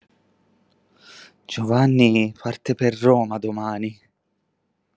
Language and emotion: Italian, fearful